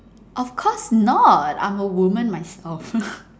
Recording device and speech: standing microphone, conversation in separate rooms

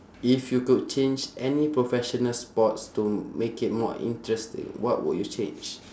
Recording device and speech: standing microphone, conversation in separate rooms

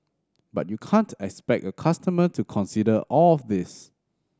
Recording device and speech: standing microphone (AKG C214), read sentence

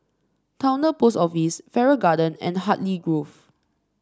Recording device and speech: standing microphone (AKG C214), read sentence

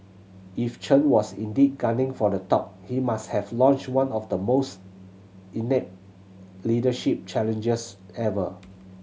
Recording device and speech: mobile phone (Samsung C7100), read sentence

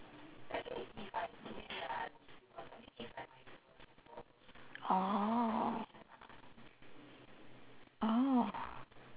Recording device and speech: telephone, conversation in separate rooms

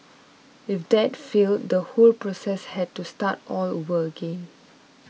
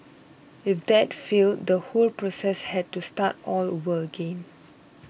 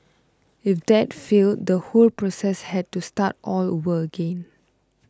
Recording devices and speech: mobile phone (iPhone 6), boundary microphone (BM630), close-talking microphone (WH20), read sentence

